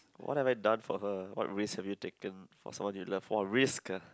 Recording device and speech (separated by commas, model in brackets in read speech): close-talking microphone, conversation in the same room